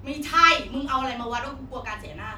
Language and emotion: Thai, angry